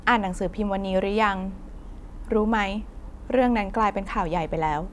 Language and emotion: Thai, neutral